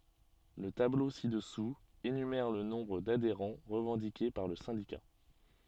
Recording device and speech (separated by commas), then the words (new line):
soft in-ear microphone, read sentence
Le tableau ci-dessous, énumère le nombre d'adhérents revendiqué par le syndicat.